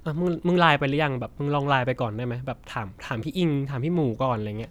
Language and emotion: Thai, neutral